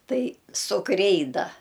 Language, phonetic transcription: Lithuanian, ˈtai su ˈkreida

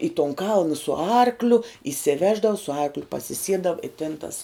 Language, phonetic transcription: Lithuanian, i tuon ˈkalna su ˈarkliu įsiˈveždava su ˈarkliu pasiˈsiedav i tin tas

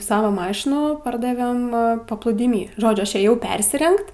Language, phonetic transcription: Lithuanian, ˈsava ˈmašinų ˈpardavem paplūdyˈmy ˈžodžiu ˈaš ėˈjau ˈpersirengt

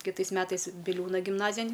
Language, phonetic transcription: Lithuanian, kiˈtais ˈmetais biˈliūna gimˈnazijan'

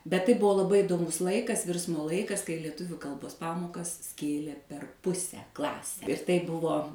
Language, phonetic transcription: Lithuanian, bet tai ˈbuvo laˈbai įdoˈmus ˈlaikas ˈvirsmo ˈlaikas kai lieˈtuviu ˈkalbos ˈpamokas ˈskėlė per ˈpuse ˈklase ir tai ˈbuvo

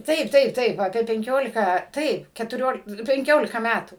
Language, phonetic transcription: Lithuanian, ˈtaip ˈtaip ˈtaip apie penˈkioliką ˈtaip ketuˈriolik penˈkiolika ˈmætų

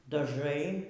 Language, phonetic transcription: Lithuanian, daˈžai

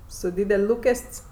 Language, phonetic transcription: Lithuanian, su ˈdydel' ˈlūkest's'

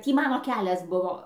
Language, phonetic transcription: Lithuanian, ˈtį ˈmano ˈkelias ˈbuvo

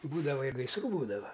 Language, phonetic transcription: Lithuanian, ˈbūdava i gaisˈrų ˈbūdava

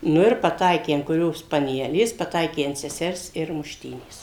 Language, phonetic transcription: Lithuanian, ˈnu ir paˈtaikė ant kuˈrios paˈnelės paˈtaikė ant seˈsers ir mušˈtynės

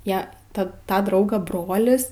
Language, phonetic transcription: Lithuanian, ˈją ˈtad ˈtą ˈdraugą ˈbrolis

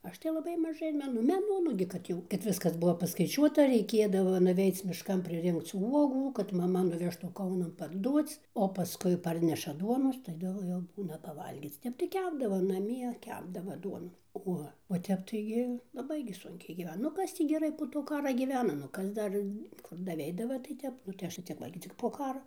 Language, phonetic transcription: Lithuanian, ˈaš tai laˈbai maˈžai meˈnu meˈnu nugi ˈkad jau kad ˈviskas ˈbuo paskaiˈčiuota reiˈkėdavo nuˈveic mišˈkan priˈrinkc ˈuogų kad maˈma nuˈvežtų ˈkaunan parˈduoc o paˈskui ˈparneša ˈduonos taˈdu jau ˈbūna paˈvalgyc ˈtep tai ˈkæpdavo naˈmie ˈkæpdava ˈduonų ˈuo o ˈtep tai ˈgi laˈbai gi ˈsunkiai gyˈvena nu ˈkas tį geˈrai po to ˈkara gyˈvena nu ˈkas dar ˈkur daˈveidava tai ˈtep nu tai ˈaš o ˈtep ˈva gi cik po ˈkaro

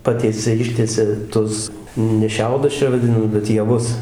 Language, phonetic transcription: Lithuanian, ˈpatiesia ˈištiesia ˈtus ne ˈšiaudus ˈčia vaˈdina bet jaˈvus

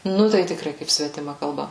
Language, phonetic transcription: Lithuanian, ˈnu tai tikˈrai kaip svetiˈma kalˈba

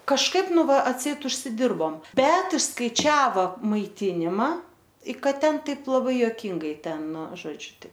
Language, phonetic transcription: Lithuanian, kažˈkaip ˈnu ˈva atˈseit užsiˈdirbom ˈbet išskaiˈčiava maiˈtinima i ˈkad ˈten ˈtaip laˈbai joˈkingai ˈten ˈnu ˈžodžiu tai

